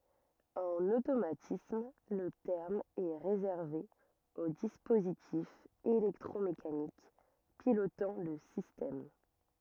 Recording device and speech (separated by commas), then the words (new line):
rigid in-ear microphone, read sentence
En automatisme le terme est réservé aux dispositifs électromécaniques pilotant le système.